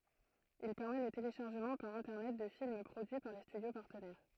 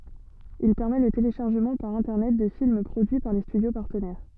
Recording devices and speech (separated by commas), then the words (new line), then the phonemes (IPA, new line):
throat microphone, soft in-ear microphone, read sentence
Il permet le téléchargement par Internet de films produits par les studios partenaires.
il pɛʁmɛ lə teleʃaʁʒəmɑ̃ paʁ ɛ̃tɛʁnɛt də film pʁodyi paʁ le stydjo paʁtənɛʁ